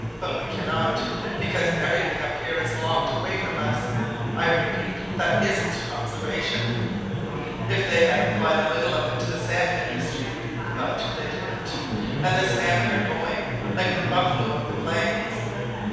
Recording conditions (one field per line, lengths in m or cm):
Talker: one person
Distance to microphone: 7.1 m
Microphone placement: far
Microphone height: 1.7 m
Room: very reverberant, large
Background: babble